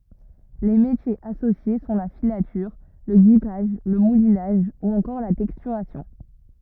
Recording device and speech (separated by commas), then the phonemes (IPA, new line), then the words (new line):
rigid in-ear microphone, read sentence
le metjez asosje sɔ̃ la filatyʁ lə ɡipaʒ lə mulinaʒ u ɑ̃kɔʁ la tɛkstyʁasjɔ̃
Les métiers associés sont la filature, le guipage, le moulinage ou encore la texturation.